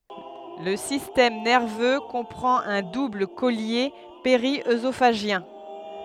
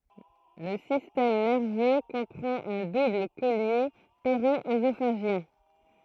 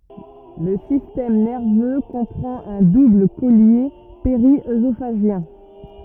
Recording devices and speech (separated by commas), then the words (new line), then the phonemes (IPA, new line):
headset microphone, throat microphone, rigid in-ear microphone, read sentence
Le système nerveux comprend un double collier périœsophagien.
lə sistɛm nɛʁvø kɔ̃pʁɑ̃t œ̃ dubl kɔlje peʁiøzofaʒjɛ̃